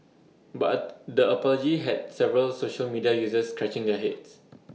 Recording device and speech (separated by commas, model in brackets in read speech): mobile phone (iPhone 6), read sentence